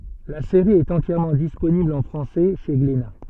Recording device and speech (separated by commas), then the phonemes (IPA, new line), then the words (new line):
soft in-ear microphone, read sentence
la seʁi ɛt ɑ̃tjɛʁmɑ̃ disponibl ɑ̃ fʁɑ̃sɛ ʃe ɡlena
La série est entièrement disponible en français chez Glénat.